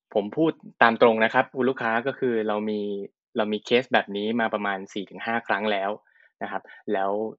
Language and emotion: Thai, neutral